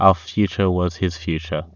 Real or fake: real